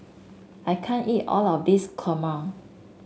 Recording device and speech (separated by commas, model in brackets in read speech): mobile phone (Samsung S8), read sentence